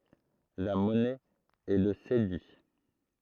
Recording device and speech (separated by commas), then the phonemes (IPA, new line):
throat microphone, read sentence
la mɔnɛ ɛ lə sedi